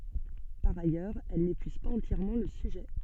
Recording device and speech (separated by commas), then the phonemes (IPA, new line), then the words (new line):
soft in-ear microphone, read sentence
paʁ ajœʁz ɛl nepyiz paz ɑ̃tjɛʁmɑ̃ lə syʒɛ
Par ailleurs, elles n'épuisent pas entièrement le sujet.